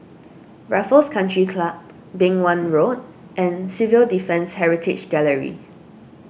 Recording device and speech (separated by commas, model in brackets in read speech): boundary microphone (BM630), read sentence